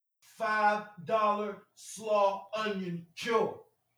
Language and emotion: English, angry